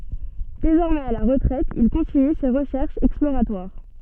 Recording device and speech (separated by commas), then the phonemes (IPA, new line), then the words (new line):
soft in-ear microphone, read sentence
dezɔʁmɛz a la ʁətʁɛt il kɔ̃tiny se ʁəʃɛʁʃz ɛksploʁatwaʁ
Désormais à la retraite il continue ses recherches exploratoires.